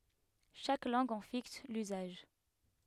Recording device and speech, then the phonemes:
headset microphone, read sentence
ʃak lɑ̃ɡ ɑ̃ fiks lyzaʒ

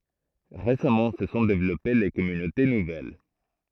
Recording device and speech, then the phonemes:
throat microphone, read sentence
ʁesamɑ̃ sə sɔ̃ devlɔpe le kɔmynote nuvɛl

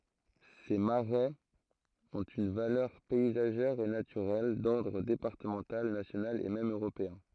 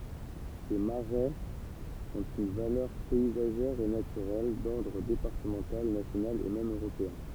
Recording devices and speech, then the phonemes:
throat microphone, temple vibration pickup, read sentence
se maʁɛz ɔ̃t yn valœʁ pɛizaʒɛʁ e natyʁɛl dɔʁdʁ depaʁtəmɑ̃tal nasjonal e mɛm øʁopeɛ̃

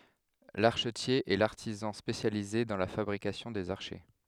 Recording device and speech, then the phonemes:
headset microphone, read sentence
laʁʃətje ɛ laʁtizɑ̃ spesjalize dɑ̃ la fabʁikasjɔ̃ dez aʁʃɛ

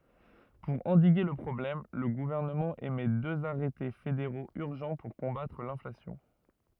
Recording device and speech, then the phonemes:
rigid in-ear microphone, read sentence
puʁ ɑ̃diɡe lə pʁɔblɛm lə ɡuvɛʁnəmɑ̃ emɛ døz aʁɛte fedeʁoz yʁʒɑ̃ puʁ kɔ̃batʁ lɛ̃flasjɔ̃

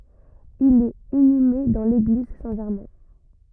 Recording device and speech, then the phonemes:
rigid in-ear microphone, read sentence
il ɛt inyme dɑ̃ leɡliz sɛ̃ ʒɛʁmɛ̃

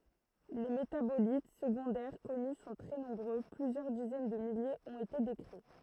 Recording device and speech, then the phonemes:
throat microphone, read sentence
le metabolit səɡɔ̃dɛʁ kɔny sɔ̃ tʁɛ nɔ̃bʁø plyzjœʁ dizɛn də miljez ɔ̃t ete dekʁi

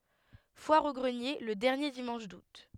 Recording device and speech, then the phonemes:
headset microphone, read sentence
fwaʁ o ɡʁənje lə dɛʁnje dimɑ̃ʃ dut

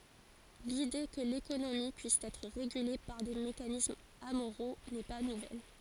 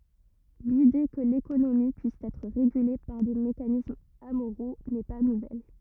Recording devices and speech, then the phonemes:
forehead accelerometer, rigid in-ear microphone, read sentence
lide kə lekonomi pyis ɛtʁ ʁeɡyle paʁ de mekanismz amoʁo nɛ pa nuvɛl

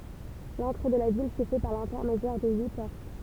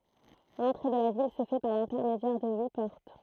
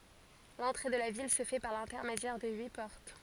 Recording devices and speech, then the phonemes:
temple vibration pickup, throat microphone, forehead accelerometer, read sentence
lɑ̃tʁe də la vil sə fɛ paʁ lɛ̃tɛʁmedjɛʁ də yi pɔʁt

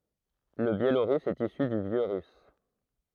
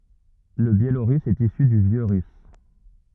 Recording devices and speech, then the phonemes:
throat microphone, rigid in-ear microphone, read sentence
lə bjeloʁys ɛt isy dy vjø ʁys

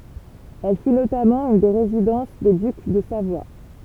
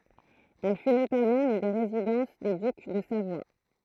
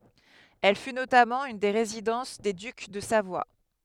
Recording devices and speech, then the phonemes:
temple vibration pickup, throat microphone, headset microphone, read sentence
ɛl fy notamɑ̃ yn de ʁezidɑ̃s de dyk də savwa

